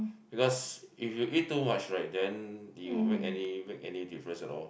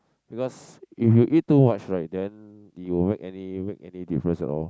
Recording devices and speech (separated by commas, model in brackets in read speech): boundary microphone, close-talking microphone, conversation in the same room